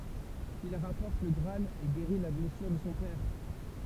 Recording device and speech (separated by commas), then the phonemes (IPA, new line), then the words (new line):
temple vibration pickup, read sentence
il ʁapɔʁt lə ɡʁaal e ɡeʁi la blɛsyʁ də sɔ̃ pɛʁ
Il rapporte le Graal et guérit la blessure de son père.